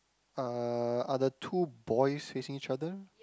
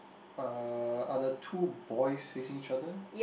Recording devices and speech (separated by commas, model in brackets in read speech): close-talking microphone, boundary microphone, conversation in the same room